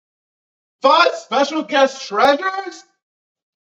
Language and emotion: English, surprised